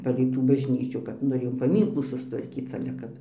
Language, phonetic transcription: Lithuanian, ˈpalei tų bažˈnyčių kad ˈnu jau paˈmynklų sustvarˈkyc o ˈkad

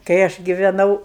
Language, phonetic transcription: Lithuanian, kai ˈaš giveˈnau

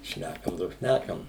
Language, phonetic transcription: Lithuanian, ˈšnækam do ˈšnækam

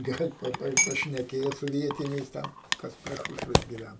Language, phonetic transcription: Lithuanian, ˈgal' ˈpa ˈpa pašneˈkėjo su ˈvietiniais ˈten ˈkas pre ˈšūšves giˈvæn

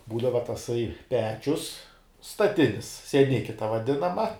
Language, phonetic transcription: Lithuanian, ˈbūdava taˈsai ˈpečius staˈtinis sieˈniki ta vaˈdinama

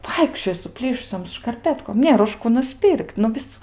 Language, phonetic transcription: Lithuanian, ˈvaikščiojo suˈplyšusiom škarˈpetkom ˈnėr už ˈkų nuˈspir'k't' nu ˈvis

